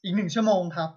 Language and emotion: Thai, neutral